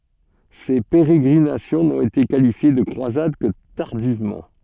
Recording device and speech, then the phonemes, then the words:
soft in-ear microphone, read sentence
se peʁeɡʁinasjɔ̃ nɔ̃t ete kalifje də kʁwazad kə taʁdivmɑ̃
Ces pérégrinations n'ont été qualifiées de croisades que tardivement.

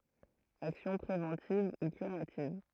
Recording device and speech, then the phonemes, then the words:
throat microphone, read sentence
aksjɔ̃ pʁevɑ̃tiv u kyʁativ
Action préventive ou curative.

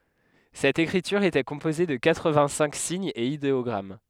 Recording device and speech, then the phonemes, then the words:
headset microphone, read sentence
sɛt ekʁityʁ etɛ kɔ̃poze də katʁəvɛ̃ɡtsɛ̃k siɲz e ideɔɡʁam
Cette écriture était composée de quatre-vingt-cinq signes et idéogrammes.

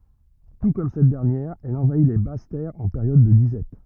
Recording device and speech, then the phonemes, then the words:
rigid in-ear microphone, read sentence
tu kɔm sɛt dɛʁnjɛʁ ɛl ɑ̃vai le bas tɛʁz ɑ̃ peʁjɔd də dizɛt
Tout comme cette dernière, elle envahit les basses terres en période de disette.

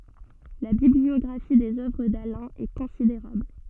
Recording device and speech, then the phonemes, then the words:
soft in-ear microphone, read sentence
la bibliɔɡʁafi dez œvʁ dalɛ̃ ɛ kɔ̃sideʁabl
La bibliographie des œuvres d’Alain est considérable.

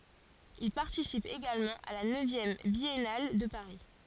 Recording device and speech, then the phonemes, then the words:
forehead accelerometer, read sentence
il paʁtisip eɡalmɑ̃ a la nøvjɛm bjɛnal də paʁi
Il participe également à la neuvième Biennale de Paris.

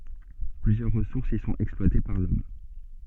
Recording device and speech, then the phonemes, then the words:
soft in-ear microphone, read sentence
plyzjœʁ ʁəsuʁsz i sɔ̃t ɛksplwate paʁ lɔm
Plusieurs ressources y sont exploitées par l'Homme.

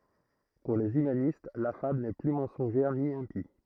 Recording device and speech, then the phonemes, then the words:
throat microphone, read sentence
puʁ lez ymanist la fabl nɛ ply mɑ̃sɔ̃ʒɛʁ ni ɛ̃pi
Pour les humanistes la fable n'est plus mensongère ni impie.

